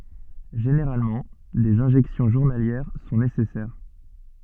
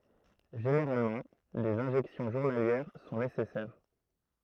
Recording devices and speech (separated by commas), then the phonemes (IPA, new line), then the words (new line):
soft in-ear microphone, throat microphone, read sentence
ʒeneʁalmɑ̃ dez ɛ̃ʒɛksjɔ̃ ʒuʁnaljɛʁ sɔ̃ nesɛsɛʁ
Généralement, des injections journalières sont nécessaires.